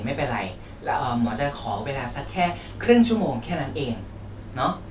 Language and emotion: Thai, neutral